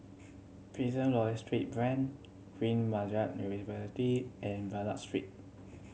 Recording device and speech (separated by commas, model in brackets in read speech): mobile phone (Samsung C7100), read sentence